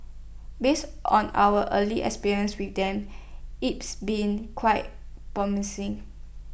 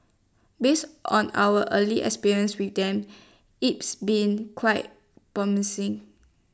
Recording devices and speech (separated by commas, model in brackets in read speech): boundary microphone (BM630), standing microphone (AKG C214), read sentence